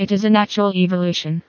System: TTS, vocoder